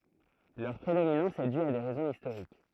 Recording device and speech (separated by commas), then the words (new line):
throat microphone, read sentence
Leur prédominance est due à des raisons historiques.